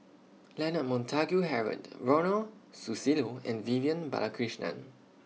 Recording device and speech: mobile phone (iPhone 6), read sentence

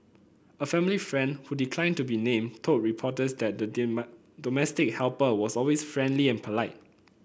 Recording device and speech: boundary microphone (BM630), read sentence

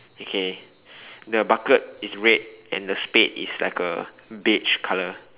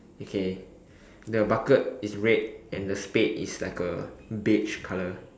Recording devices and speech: telephone, standing microphone, conversation in separate rooms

